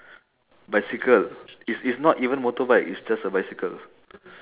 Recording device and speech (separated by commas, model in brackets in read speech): telephone, conversation in separate rooms